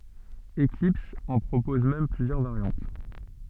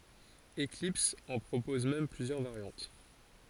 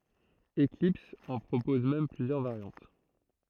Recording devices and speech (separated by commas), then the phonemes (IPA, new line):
soft in-ear microphone, forehead accelerometer, throat microphone, read sentence
eklips ɑ̃ pʁopɔz mɛm plyzjœʁ vaʁjɑ̃t